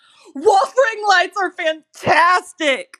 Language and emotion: English, disgusted